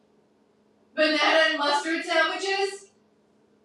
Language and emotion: English, fearful